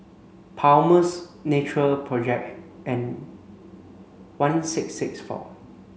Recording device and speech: mobile phone (Samsung C5), read sentence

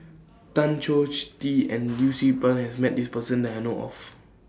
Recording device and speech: standing microphone (AKG C214), read sentence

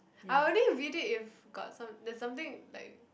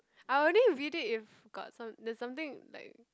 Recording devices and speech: boundary microphone, close-talking microphone, conversation in the same room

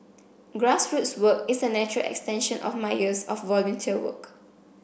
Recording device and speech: boundary microphone (BM630), read sentence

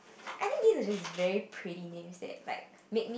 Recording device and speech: boundary microphone, conversation in the same room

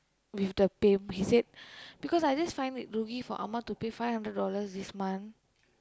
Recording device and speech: close-talking microphone, conversation in the same room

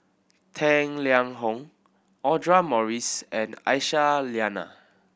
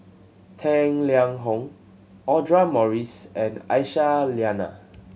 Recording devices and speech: boundary microphone (BM630), mobile phone (Samsung C7100), read sentence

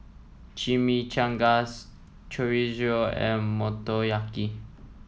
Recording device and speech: mobile phone (iPhone 7), read sentence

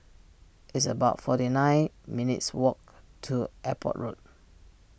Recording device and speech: boundary microphone (BM630), read sentence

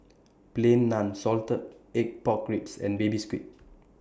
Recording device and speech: standing microphone (AKG C214), read sentence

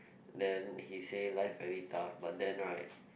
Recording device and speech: boundary microphone, conversation in the same room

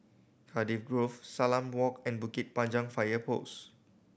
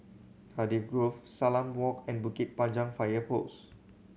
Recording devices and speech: boundary microphone (BM630), mobile phone (Samsung C7100), read sentence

